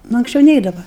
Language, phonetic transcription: Lithuanian, nu anksˈčiau ˈneidava

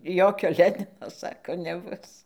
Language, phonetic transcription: Lithuanian, ˈjokio ˈlenino ˈsako neˈbus

